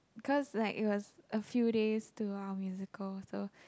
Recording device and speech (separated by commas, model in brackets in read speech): close-talking microphone, conversation in the same room